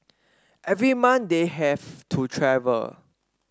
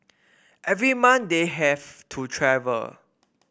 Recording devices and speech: standing microphone (AKG C214), boundary microphone (BM630), read sentence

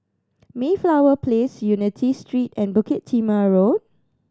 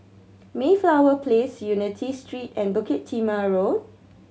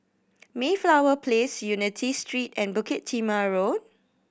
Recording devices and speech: standing microphone (AKG C214), mobile phone (Samsung C7100), boundary microphone (BM630), read sentence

